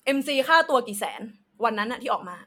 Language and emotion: Thai, angry